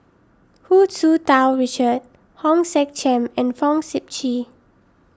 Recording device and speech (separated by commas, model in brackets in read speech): standing microphone (AKG C214), read sentence